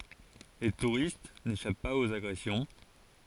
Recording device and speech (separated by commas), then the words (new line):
forehead accelerometer, read sentence
Les touristes n'échappent pas aux agressions.